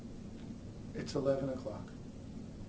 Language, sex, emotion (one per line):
English
male
neutral